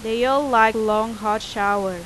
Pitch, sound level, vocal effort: 220 Hz, 91 dB SPL, loud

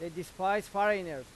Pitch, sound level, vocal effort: 185 Hz, 97 dB SPL, loud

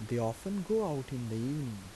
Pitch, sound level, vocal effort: 130 Hz, 82 dB SPL, soft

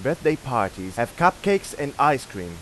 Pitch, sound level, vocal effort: 135 Hz, 94 dB SPL, loud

